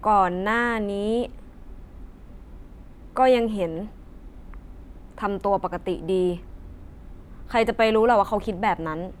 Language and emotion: Thai, frustrated